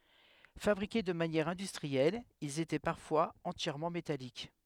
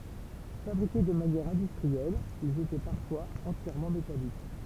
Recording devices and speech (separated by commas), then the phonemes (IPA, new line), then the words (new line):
headset microphone, temple vibration pickup, read sentence
fabʁike də manjɛʁ ɛ̃dystʁiɛl ilz etɛ paʁfwaz ɑ̃tjɛʁmɑ̃ metalik
Fabriqués de manière industrielle, ils étaient parfois entièrement métalliques.